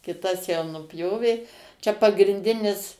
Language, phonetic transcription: Lithuanian, kiˈtas jau nuˈpjovė čia pagrinˈdinis

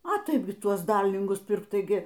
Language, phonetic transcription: Lithuanian, a ˈtaip gi ˈtuos ˈdarlingus ˈpirk ˈtaigi

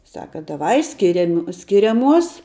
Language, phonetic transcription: Lithuanian, ˈsaka daˈvai ˈskiriami skiriaˈmuos

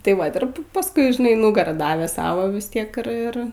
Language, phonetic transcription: Lithuanian, tai ˈvat ir pa pasˈkui žiˈnai ˈnugarą ˈdavė ˈsavo vis ˈtiek ir ˈir

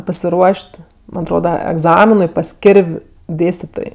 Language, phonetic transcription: Lithuanian, pasiˈruoš't' ˈman' atˈroda egˈzaminui pas ˈkirv' ˈdėstitoj

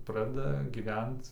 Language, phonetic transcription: Lithuanian, ˈpradeda gyˈvent

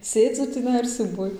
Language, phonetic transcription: Lithuanian, ˈsėdzu tįˈnai ir siūˈbuoj

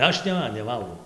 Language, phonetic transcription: Lithuanian, ˈaš ˈne neˈvalgau

